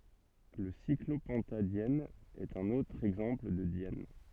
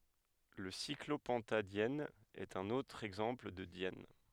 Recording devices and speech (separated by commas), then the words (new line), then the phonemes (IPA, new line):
soft in-ear microphone, headset microphone, read sentence
Le cyclopentadiène est un autre exemple de diène.
lə siklopɑ̃tadjɛn ɛt œ̃n otʁ ɛɡzɑ̃pl də djɛn